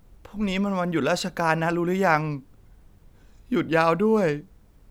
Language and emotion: Thai, sad